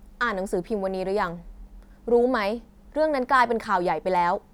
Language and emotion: Thai, angry